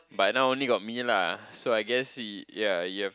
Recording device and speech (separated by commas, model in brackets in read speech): close-talking microphone, conversation in the same room